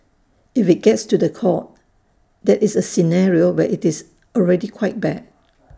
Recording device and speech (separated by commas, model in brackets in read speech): standing microphone (AKG C214), read sentence